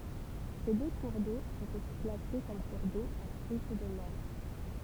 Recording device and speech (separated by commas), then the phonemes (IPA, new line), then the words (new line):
temple vibration pickup, read sentence
se dø kuʁ do sɔ̃t osi klase kɔm kuʁ do a tʁyit də mɛʁ
Ces deux cours d'eau sont aussi classés comme cours d'eau à truite de mer.